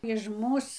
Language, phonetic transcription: Lithuanian, iž ˈmūs

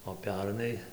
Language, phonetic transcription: Lithuanian, o ˈpernai

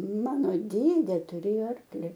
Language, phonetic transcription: Lithuanian, ˈmano ˈdėdė tuˈrėjo ˈarkli

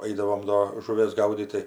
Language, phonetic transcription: Lithuanian, ˈaidavom do žuˈvės ˈgaudyt tai

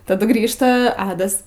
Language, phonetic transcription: Lithuanian, taˈdu ˈgrįžta ˈadas

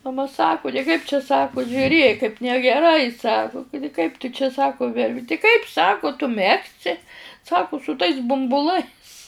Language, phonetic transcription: Lithuanian, maˈma saˈku tai ˈkaip čia ˈsaku žiuˈrėk kaip negeˈrai ˈsaku ˈkudi kaip tu čia ˈsaku ti ˈkaip ˈsaku tu ˈmegsi ˈsaku su tais bumbuˈlais

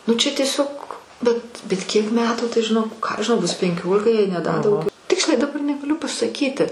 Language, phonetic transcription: Lithuanian, nu ˈčia tieˈsiog bet bet ˈkiek ˈmetų tai žiˈnok ˈką aš žiˈnau ˈbus penˈkiolika jei ne da dauˈgiau ˈtiksliai daˈbar negaˈliu pasaˈkyti

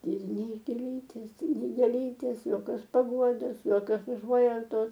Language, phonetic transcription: Lithuanian, ir ˈnei gėˈlytės ˈnei gėˈlytės joˈkios paˈguodos joˈkios uˈžuojautos

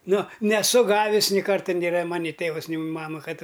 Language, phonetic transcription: Lithuanian, ˈnu neˈsu ˈgavis ni ˈkarta nėˈra ˈmani ˈtėvas ˈni ˈmama ˈkad

